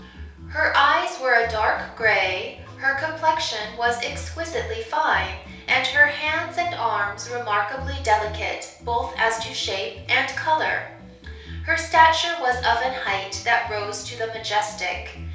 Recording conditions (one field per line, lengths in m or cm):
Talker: one person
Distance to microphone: 3.0 m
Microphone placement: far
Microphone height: 1.8 m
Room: small (3.7 m by 2.7 m)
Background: music